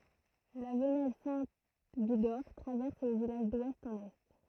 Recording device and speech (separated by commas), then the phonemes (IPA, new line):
throat microphone, read sentence
la vənɛl sɛ̃ viɡɔʁ tʁavɛʁs lə vilaʒ dwɛst ɑ̃n ɛ